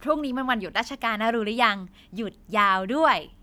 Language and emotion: Thai, happy